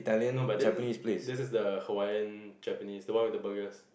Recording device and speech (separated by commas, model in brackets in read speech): boundary microphone, conversation in the same room